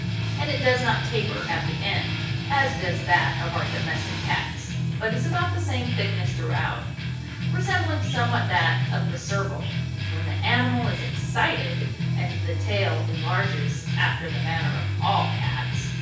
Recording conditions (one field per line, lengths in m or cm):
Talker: one person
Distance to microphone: 9.8 m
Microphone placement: far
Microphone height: 1.8 m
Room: large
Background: music